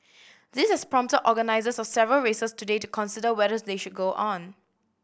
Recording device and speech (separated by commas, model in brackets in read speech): boundary microphone (BM630), read sentence